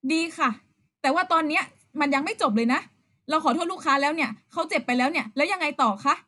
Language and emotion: Thai, frustrated